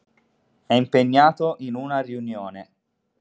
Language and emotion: Italian, neutral